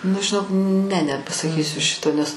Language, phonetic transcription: Lithuanian, nu žiˈnok ne nepasaˈkysiu ˈšito nes

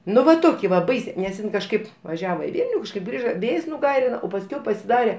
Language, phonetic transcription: Lithuanian, ˈnu va ˈtoki va ˈbaisė nes ˈin kažˈkaip vaˈžiavo i ˈvylniu kažˈkaip ˈgrįža ˈvėjs nuˈgairina o pasˈkiau pasiˈdare

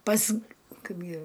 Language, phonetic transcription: Lithuanian, pas ˈkaipgi

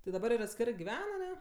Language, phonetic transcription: Lithuanian, ti daˈbar ir atˈskerɜ giˈven aˈne

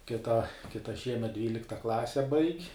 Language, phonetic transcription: Lithuanian, kiˈta kiˈta ˈšiemet ˈdvylikta ˈklase baig'

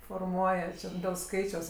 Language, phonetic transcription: Lithuanian, forˈmuoja čia dėl ˈskaičiaus

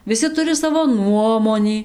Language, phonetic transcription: Lithuanian, viˈsi ˈturi ˈsavo ˈnuomonį

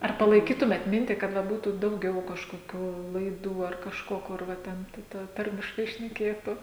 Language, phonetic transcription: Lithuanian, ar palaiˈkytumėt ˈmintį kad va ˈbūtų dauˈgiau kažkoˈkių laiˈdų ar kažˈko kur ˈva ˈten tai ˈta ˈtarmiškai šneˈkėtu

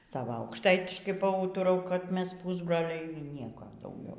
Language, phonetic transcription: Lithuanian, ˈsava aukšˈtaitiškai paˈūturau kad ˈmes ˈpusbroliai y ˈnieko dauˈgiau

